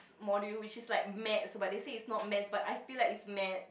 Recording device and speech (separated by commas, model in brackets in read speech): boundary microphone, conversation in the same room